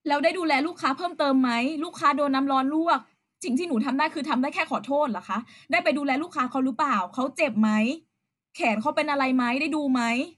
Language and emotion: Thai, angry